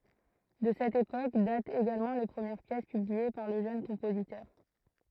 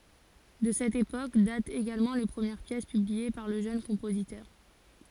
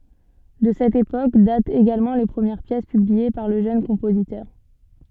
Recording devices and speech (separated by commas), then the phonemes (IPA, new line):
throat microphone, forehead accelerometer, soft in-ear microphone, read sentence
də sɛt epok datt eɡalmɑ̃ le pʁəmjɛʁ pjɛs pyblie paʁ lə ʒøn kɔ̃pozitœʁ